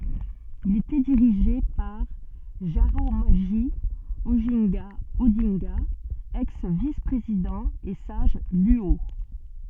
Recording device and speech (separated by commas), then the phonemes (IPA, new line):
soft in-ear microphone, read sentence
il etɛ diʁiʒe paʁ ʒaʁamoʒi oʒɛ̃ɡa odɛ̃ɡa ɛks vis pʁezidɑ̃ e saʒ lyo